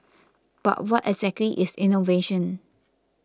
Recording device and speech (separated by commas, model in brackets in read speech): close-talking microphone (WH20), read sentence